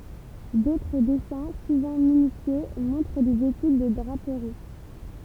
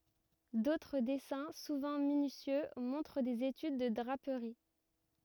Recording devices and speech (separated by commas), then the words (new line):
temple vibration pickup, rigid in-ear microphone, read sentence
D'autres dessins, souvent minutieux, montrent des études de draperies.